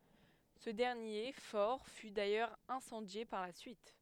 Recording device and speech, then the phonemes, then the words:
headset microphone, read sentence
sə dɛʁnje fɔʁ fy dajœʁz ɛ̃sɑ̃dje paʁ la syit
Ce dernier fort fut d’ailleurs incendié par la suite.

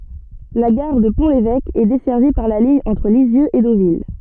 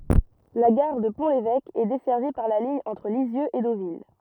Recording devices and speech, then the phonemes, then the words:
soft in-ear microphone, rigid in-ear microphone, read sentence
la ɡaʁ də pɔ̃ levɛk ɛ dɛsɛʁvi paʁ la liɲ ɑ̃tʁ lizjøz e dovil
La gare de Pont-l'Évêque, est desservie par la ligne entre Lisieux et Deauville.

